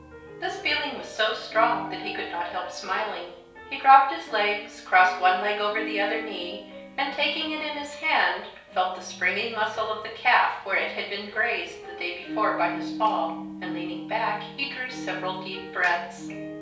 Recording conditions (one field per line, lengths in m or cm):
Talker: one person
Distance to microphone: 3.0 m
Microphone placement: far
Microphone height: 1.8 m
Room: small (3.7 m by 2.7 m)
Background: music